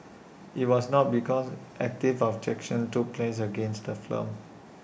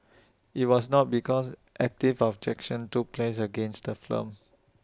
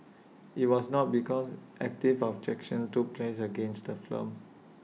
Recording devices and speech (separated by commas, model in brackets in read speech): boundary microphone (BM630), standing microphone (AKG C214), mobile phone (iPhone 6), read sentence